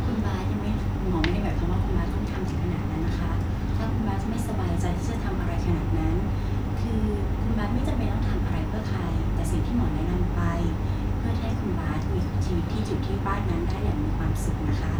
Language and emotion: Thai, neutral